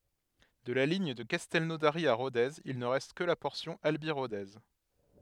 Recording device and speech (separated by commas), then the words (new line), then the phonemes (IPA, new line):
headset microphone, read sentence
De la ligne de Castelnaudary à Rodez, il ne reste que la portion Albi-Rodez.
də la liɲ də kastɛlnodaʁi a ʁodez il nə ʁɛst kə la pɔʁsjɔ̃ albi ʁode